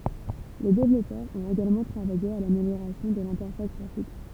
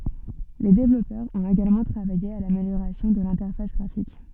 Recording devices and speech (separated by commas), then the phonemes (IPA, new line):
temple vibration pickup, soft in-ear microphone, read sentence
le devlɔpœʁz ɔ̃t eɡalmɑ̃ tʁavaje a lameljoʁasjɔ̃ də lɛ̃tɛʁfas ɡʁafik